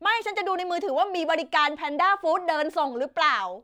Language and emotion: Thai, frustrated